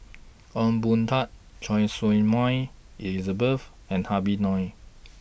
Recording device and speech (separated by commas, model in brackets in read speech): boundary microphone (BM630), read sentence